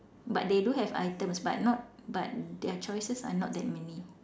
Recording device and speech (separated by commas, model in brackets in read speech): standing microphone, conversation in separate rooms